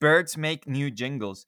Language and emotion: English, disgusted